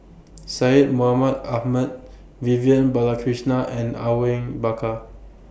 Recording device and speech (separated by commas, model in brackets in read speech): boundary microphone (BM630), read sentence